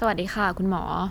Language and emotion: Thai, neutral